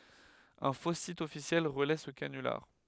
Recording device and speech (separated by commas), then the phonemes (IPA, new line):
headset microphone, read sentence
œ̃ fo sit ɔfisjɛl ʁəlɛ sə kanylaʁ